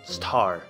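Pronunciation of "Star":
In 'star', the t is said with aspiration, a flow of air after it, instead of the usual t without aspiration, so the word sounds a bit weird.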